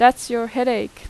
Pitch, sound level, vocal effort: 245 Hz, 89 dB SPL, loud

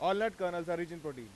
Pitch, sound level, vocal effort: 175 Hz, 99 dB SPL, loud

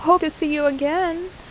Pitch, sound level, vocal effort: 325 Hz, 83 dB SPL, normal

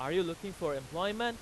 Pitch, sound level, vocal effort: 185 Hz, 98 dB SPL, very loud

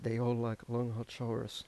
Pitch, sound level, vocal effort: 115 Hz, 83 dB SPL, soft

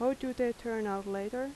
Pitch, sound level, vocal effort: 240 Hz, 82 dB SPL, soft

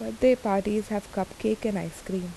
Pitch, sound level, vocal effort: 200 Hz, 79 dB SPL, soft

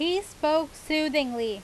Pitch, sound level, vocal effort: 310 Hz, 91 dB SPL, very loud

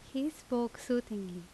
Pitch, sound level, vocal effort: 245 Hz, 82 dB SPL, loud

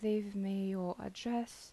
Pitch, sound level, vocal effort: 205 Hz, 80 dB SPL, soft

